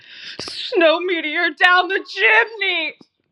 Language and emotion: English, sad